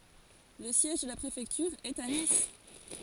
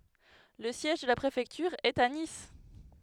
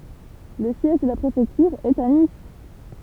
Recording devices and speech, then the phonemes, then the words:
forehead accelerometer, headset microphone, temple vibration pickup, read sentence
lə sjɛʒ də la pʁefɛktyʁ ɛt a nis
Le siège de la préfecture est à Nice.

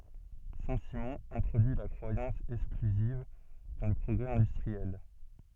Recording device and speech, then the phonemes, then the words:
soft in-ear microphone, read sentence
sɛ̃ simɔ̃ ɛ̃tʁodyi la kʁwajɑ̃s ɛksklyziv dɑ̃ lə pʁɔɡʁɛ ɛ̃dystʁiɛl
Saint-Simon introduit la croyance exclusive dans le progrès industriel.

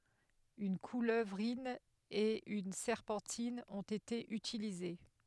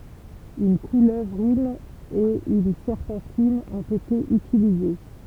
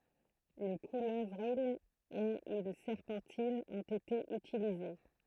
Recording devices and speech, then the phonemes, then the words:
headset microphone, temple vibration pickup, throat microphone, read sentence
yn kuløvʁin e yn sɛʁpɑ̃tin ɔ̃t ete ytilize
Une couleuvrine et une serpentine ont été utilisées.

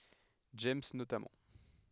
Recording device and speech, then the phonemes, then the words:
headset microphone, read sentence
dʒɛmz notamɑ̃
James notamment.

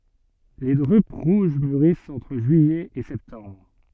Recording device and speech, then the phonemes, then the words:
soft in-ear microphone, read sentence
le dʁyp ʁuʒ myʁist ɑ̃tʁ ʒyijɛ e sɛptɑ̃bʁ
Les drupes rouges mûrissent entre juillet et septembre.

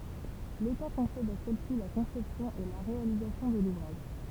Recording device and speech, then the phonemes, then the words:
temple vibration pickup, read sentence
leta kɔ̃sɛd a sɛlsi la kɔ̃sɛpsjɔ̃ e la ʁealizasjɔ̃ də luvʁaʒ
L’État concède à celle-ci la conception et la réalisation de l’ouvrage.

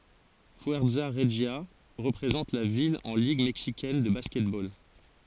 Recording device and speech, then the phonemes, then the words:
forehead accelerometer, read sentence
fyɛʁza ʁəʒja ʁəpʁezɑ̃t la vil ɑ̃ liɡ mɛksikɛn də baskɛtbol
Fuerza Regia représente la ville en Ligue mexicaine de basketball.

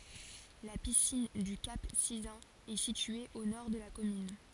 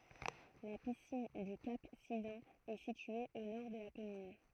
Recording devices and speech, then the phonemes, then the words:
forehead accelerometer, throat microphone, read sentence
la pisin dy kap sizœ̃n ɛ sitye o nɔʁ də la kɔmyn
La piscine du Cap Sizun est située au nord de la commune.

